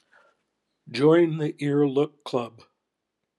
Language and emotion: English, happy